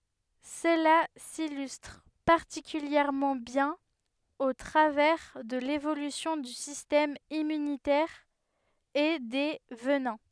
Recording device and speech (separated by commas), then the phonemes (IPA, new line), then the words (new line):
headset microphone, read sentence
səla silystʁ paʁtikyljɛʁmɑ̃ bjɛ̃n o tʁavɛʁ də levolysjɔ̃ dy sistɛm immynitɛʁ e de vənɛ̃
Cela s'illustre particulièrement bien au travers de l'évolution du système immunitaire et des venins.